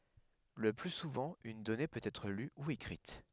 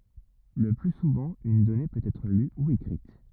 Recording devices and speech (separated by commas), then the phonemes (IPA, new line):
headset microphone, rigid in-ear microphone, read sentence
lə ply suvɑ̃ yn dɔne pøt ɛtʁ ly u ekʁit